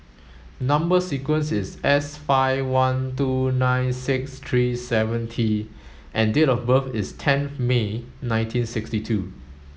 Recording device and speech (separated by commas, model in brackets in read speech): mobile phone (Samsung S8), read sentence